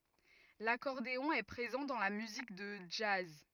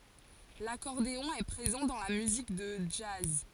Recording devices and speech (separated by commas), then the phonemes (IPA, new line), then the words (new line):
rigid in-ear microphone, forehead accelerometer, read sentence
lakɔʁdeɔ̃ ɛ pʁezɑ̃ dɑ̃ la myzik də dʒaz
L'accordéon est présent dans la musique de jazz.